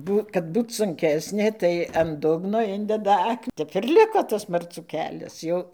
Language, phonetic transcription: Lithuanian, ˈbū kad ˈbūt sunˈkesnė tai an ˈdugno ˈindeda ˈak ˈtep ir ˈliko tas marˈcų ˈkelias ˈjau

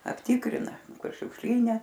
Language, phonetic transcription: Lithuanian, apˈtikrina ˈkur šiukšˈlyne

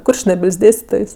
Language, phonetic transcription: Lithuanian, ˈkurčnebil's' ˈdėstitojs

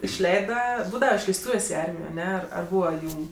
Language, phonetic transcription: Lithuanian, išˈleida ˈbūdava išleisˈtūvės' i ˈarmijo aˈne ar ˈbūva ˈjūm

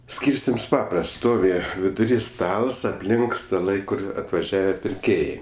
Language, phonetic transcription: Lithuanian, ˈskyrstims ˈpaprasts ˈstovi viduˈry ˈstals apˈlink staˈlai ˈkur atvaˈžiave pirˈkėjai

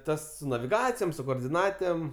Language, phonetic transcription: Lithuanian, ˈtas su naviˈgacijom su koordiˈnatėm

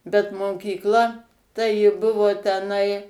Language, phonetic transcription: Lithuanian, bet mokykˈla tai ji ˈbuvo teˈnai

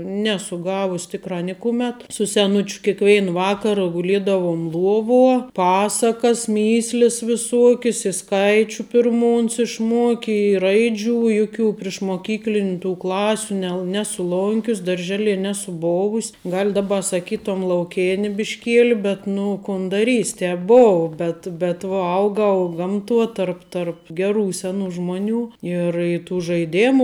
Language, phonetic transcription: Lithuanian, ˈnesu ˈgavus ˈtikrā ˈnikumet su seˈnučiu kikˈveina ˈvakara guˈliedavum ˈluovuo ˈpasakas ˈmįslis viˈsuokis i ˈskaičiu pirˈmų uns išˈmuoki i ˈraidžiu i ˈjuˌkių prišmoˈkykliniu tų ˈklasiu nel ˈnesu ˈlonkius darˈželie ˈnesu ˈbovus' ˈgal daˈba saˈkytom lauˈkėni bišˈkieli bet ˈnu kon daˈrys' ˈtep ˈbovu ˈbet bet ˈvo ˈaugau ˈgamˌtuo ˈtarp tarp ˈgeˌrų ˈseˌnų ˈžmoˌnių ˈir i tų žaiˈdėmu

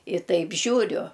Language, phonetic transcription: Lithuanian, i ˈtaip ˈžiūriu

